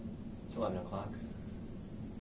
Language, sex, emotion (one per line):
English
male
neutral